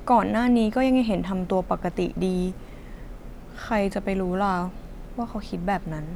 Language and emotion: Thai, frustrated